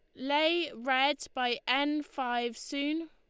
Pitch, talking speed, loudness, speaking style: 280 Hz, 125 wpm, -31 LUFS, Lombard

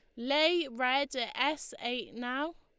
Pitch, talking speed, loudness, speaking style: 260 Hz, 155 wpm, -32 LUFS, Lombard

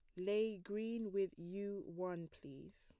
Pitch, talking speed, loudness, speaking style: 200 Hz, 140 wpm, -43 LUFS, plain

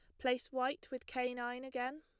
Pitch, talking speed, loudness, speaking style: 255 Hz, 200 wpm, -40 LUFS, plain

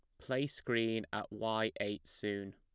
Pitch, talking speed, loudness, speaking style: 105 Hz, 155 wpm, -38 LUFS, plain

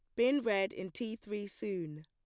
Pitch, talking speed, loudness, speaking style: 205 Hz, 195 wpm, -36 LUFS, plain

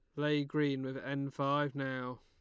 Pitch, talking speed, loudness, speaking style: 140 Hz, 180 wpm, -35 LUFS, Lombard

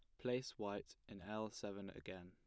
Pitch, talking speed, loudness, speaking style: 100 Hz, 175 wpm, -48 LUFS, plain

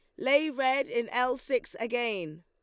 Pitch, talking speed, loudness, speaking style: 250 Hz, 165 wpm, -29 LUFS, Lombard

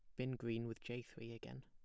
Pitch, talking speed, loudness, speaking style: 115 Hz, 250 wpm, -47 LUFS, plain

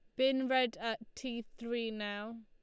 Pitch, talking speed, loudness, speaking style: 235 Hz, 160 wpm, -36 LUFS, Lombard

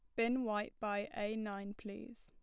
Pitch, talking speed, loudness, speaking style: 210 Hz, 175 wpm, -40 LUFS, plain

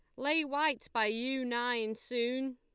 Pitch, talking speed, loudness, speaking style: 250 Hz, 155 wpm, -33 LUFS, Lombard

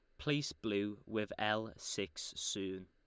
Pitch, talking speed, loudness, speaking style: 105 Hz, 135 wpm, -39 LUFS, Lombard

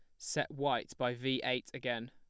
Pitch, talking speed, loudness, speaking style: 125 Hz, 190 wpm, -36 LUFS, plain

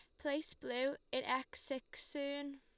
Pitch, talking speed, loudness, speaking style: 275 Hz, 150 wpm, -41 LUFS, Lombard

